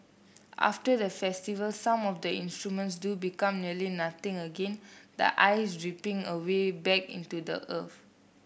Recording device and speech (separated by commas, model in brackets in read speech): boundary microphone (BM630), read sentence